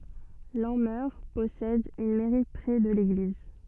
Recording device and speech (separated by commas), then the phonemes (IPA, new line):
soft in-ear microphone, read sentence
lɑ̃mœʁ pɔsɛd yn mɛʁi pʁɛ də leɡliz